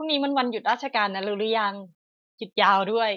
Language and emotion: Thai, neutral